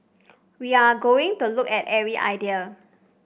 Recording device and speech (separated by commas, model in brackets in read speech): boundary microphone (BM630), read sentence